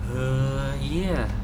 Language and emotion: Thai, frustrated